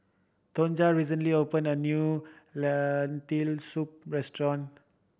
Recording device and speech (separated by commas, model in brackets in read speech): boundary microphone (BM630), read sentence